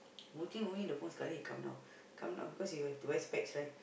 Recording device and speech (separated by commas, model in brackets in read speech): boundary microphone, conversation in the same room